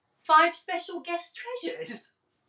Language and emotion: English, surprised